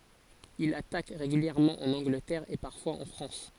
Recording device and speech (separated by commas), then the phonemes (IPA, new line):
forehead accelerometer, read sentence
il atak ʁeɡyljɛʁmɑ̃ ɑ̃n ɑ̃ɡlətɛʁ e paʁfwaz ɑ̃ fʁɑ̃s